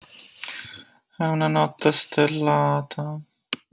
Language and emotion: Italian, sad